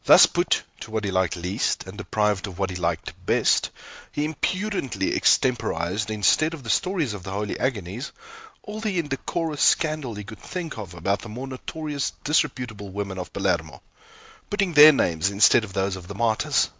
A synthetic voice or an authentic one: authentic